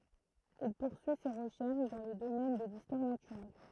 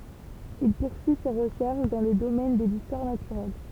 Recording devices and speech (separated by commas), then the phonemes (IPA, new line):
throat microphone, temple vibration pickup, read sentence
il puʁsyi se ʁəʃɛʁʃ dɑ̃ lə domɛn də listwaʁ natyʁɛl